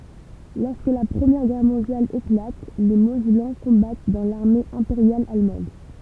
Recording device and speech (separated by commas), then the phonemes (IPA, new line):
temple vibration pickup, read sentence
lɔʁskə la pʁəmjɛʁ ɡɛʁ mɔ̃djal eklat le mozɛlɑ̃ kɔ̃bat dɑ̃ laʁme ɛ̃peʁjal almɑ̃d